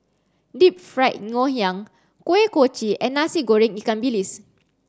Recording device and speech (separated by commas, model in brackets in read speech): standing microphone (AKG C214), read sentence